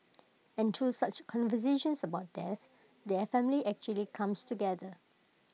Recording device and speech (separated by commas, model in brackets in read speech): mobile phone (iPhone 6), read sentence